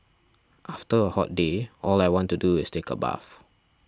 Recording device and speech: standing microphone (AKG C214), read sentence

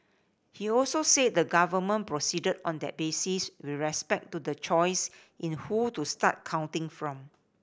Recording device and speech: boundary microphone (BM630), read sentence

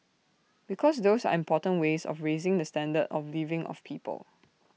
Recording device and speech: mobile phone (iPhone 6), read sentence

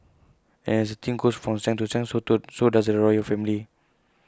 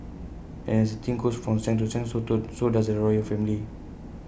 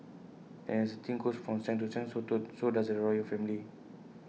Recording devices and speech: close-talking microphone (WH20), boundary microphone (BM630), mobile phone (iPhone 6), read sentence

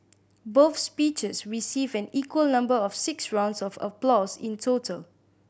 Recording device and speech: boundary microphone (BM630), read sentence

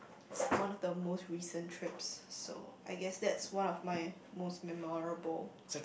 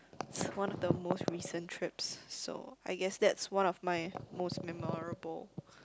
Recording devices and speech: boundary microphone, close-talking microphone, conversation in the same room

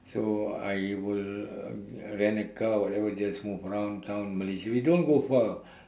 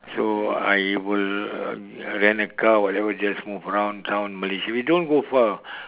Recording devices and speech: standing microphone, telephone, conversation in separate rooms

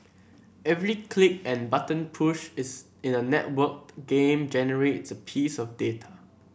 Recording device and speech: boundary microphone (BM630), read sentence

